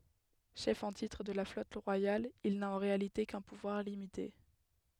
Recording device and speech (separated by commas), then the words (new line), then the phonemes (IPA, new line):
headset microphone, read sentence
Chef en titre de la flotte royale, il n'a en réalité qu'un pouvoir limité.
ʃɛf ɑ̃ titʁ də la flɔt ʁwajal il na ɑ̃ ʁealite kœ̃ puvwaʁ limite